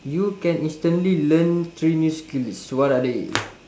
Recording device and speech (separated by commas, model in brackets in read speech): standing microphone, conversation in separate rooms